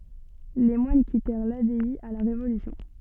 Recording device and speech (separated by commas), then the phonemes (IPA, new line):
soft in-ear microphone, read sentence
le mwan kitɛʁ labɛi a la ʁevolysjɔ̃